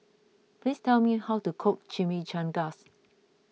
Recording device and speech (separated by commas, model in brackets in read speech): mobile phone (iPhone 6), read sentence